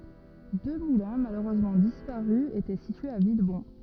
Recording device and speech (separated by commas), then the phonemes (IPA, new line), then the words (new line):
rigid in-ear microphone, read sentence
dø mulɛ̃ maløʁøzmɑ̃ dispaʁy etɛ sityez a vilbɔ̃
Deux moulins, malheureusement disparus, étaient situés à Villebon.